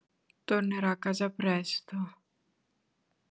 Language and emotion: Italian, sad